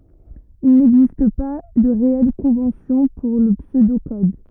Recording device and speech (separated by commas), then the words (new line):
rigid in-ear microphone, read sentence
Il n'existe pas de réelle convention pour le pseudo-code.